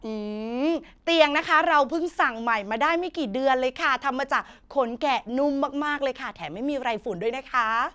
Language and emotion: Thai, happy